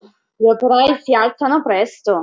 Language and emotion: Italian, surprised